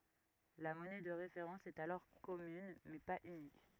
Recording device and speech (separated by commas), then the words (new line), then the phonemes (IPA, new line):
rigid in-ear microphone, read sentence
La monnaie de référence est alors commune, mais pas unique.
la mɔnɛ də ʁefeʁɑ̃s ɛt alɔʁ kɔmyn mɛ paz ynik